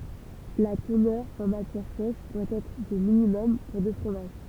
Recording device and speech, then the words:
temple vibration pickup, read sentence
La teneur en matière sèche doit être de minimum pour de fromage.

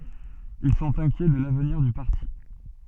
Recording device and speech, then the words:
soft in-ear microphone, read sentence
Ils sont inquiets de l'avenir du parti.

